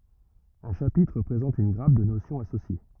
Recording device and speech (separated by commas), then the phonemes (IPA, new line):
rigid in-ear microphone, read sentence
œ̃ ʃapitʁ pʁezɑ̃t yn ɡʁap də nosjɔ̃z asosje